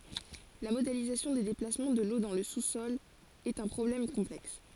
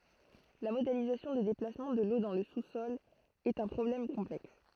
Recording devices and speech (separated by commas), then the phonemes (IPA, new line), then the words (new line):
forehead accelerometer, throat microphone, read sentence
la modelizasjɔ̃ de deplasmɑ̃ də lo dɑ̃ lə susɔl ɛt œ̃ pʁɔblɛm kɔ̃plɛks
La modélisation des déplacements de l'eau dans le sous-sol est un problème complexe.